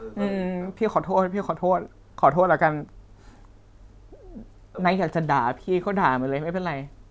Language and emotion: Thai, sad